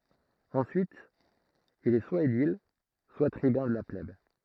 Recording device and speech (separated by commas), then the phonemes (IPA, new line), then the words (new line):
throat microphone, read sentence
ɑ̃syit il ɛ swa edil swa tʁibœ̃ də la plɛb
Ensuite, il est soit édile, soit tribun de la plèbe.